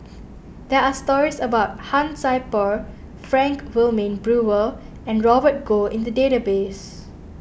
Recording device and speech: boundary microphone (BM630), read sentence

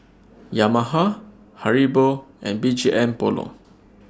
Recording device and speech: standing microphone (AKG C214), read sentence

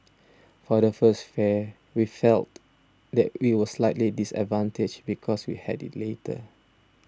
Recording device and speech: standing microphone (AKG C214), read sentence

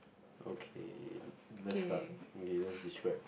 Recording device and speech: boundary microphone, conversation in the same room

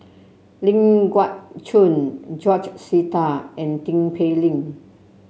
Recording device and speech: mobile phone (Samsung C7), read sentence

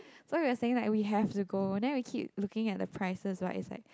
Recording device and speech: close-talking microphone, conversation in the same room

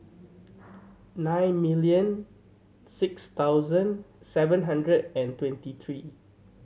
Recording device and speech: mobile phone (Samsung C7100), read sentence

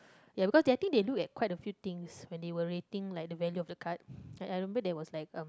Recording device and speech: close-talking microphone, conversation in the same room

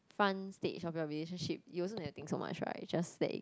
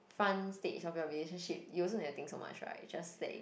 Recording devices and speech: close-talking microphone, boundary microphone, conversation in the same room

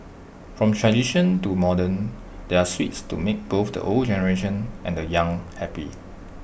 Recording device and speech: boundary microphone (BM630), read sentence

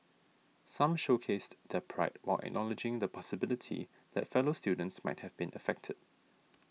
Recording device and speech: mobile phone (iPhone 6), read sentence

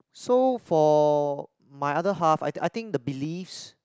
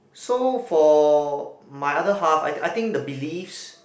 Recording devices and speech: close-talking microphone, boundary microphone, conversation in the same room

